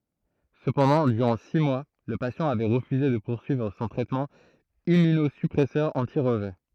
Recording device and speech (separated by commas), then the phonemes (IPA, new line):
throat microphone, read sentence
səpɑ̃dɑ̃ dyʁɑ̃ si mwa lə pasjɑ̃ avɛ ʁəfyze də puʁsyivʁ sɔ̃ tʁɛtmɑ̃ immynozypʁɛsœʁ ɑ̃ti ʁəʒɛ